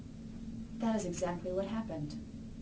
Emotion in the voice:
neutral